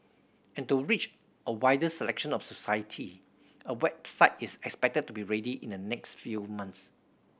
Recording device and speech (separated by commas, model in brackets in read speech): boundary microphone (BM630), read sentence